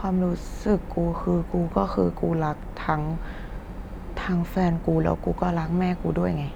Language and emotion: Thai, frustrated